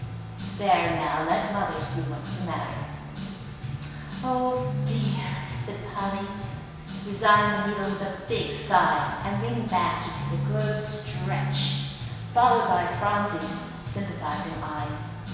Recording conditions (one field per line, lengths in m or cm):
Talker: one person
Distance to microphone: 1.7 m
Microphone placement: close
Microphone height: 1.0 m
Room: very reverberant, large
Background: music